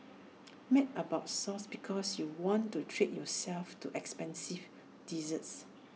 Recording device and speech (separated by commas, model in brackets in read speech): mobile phone (iPhone 6), read sentence